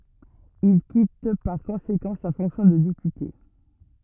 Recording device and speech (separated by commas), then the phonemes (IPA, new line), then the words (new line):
rigid in-ear microphone, read sentence
il kit paʁ kɔ̃sekɑ̃ sa fɔ̃ksjɔ̃ də depyte
Il quitte par conséquent sa fonction de député.